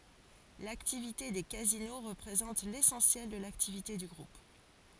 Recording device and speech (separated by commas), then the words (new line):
forehead accelerometer, read sentence
L'activité des casinos représente l'essentiel de l'activité du Groupe.